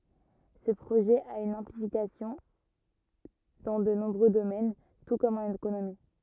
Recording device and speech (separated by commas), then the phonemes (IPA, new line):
rigid in-ear microphone, read sentence
sə pʁoʒɛ a yn ɛ̃plikasjɔ̃ dɑ̃ də nɔ̃bʁø domɛn tu kɔm ɑ̃n ekonomi